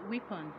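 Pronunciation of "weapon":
'Weapon' is pronounced incorrectly here.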